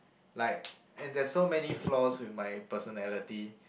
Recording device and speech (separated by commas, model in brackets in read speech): boundary microphone, conversation in the same room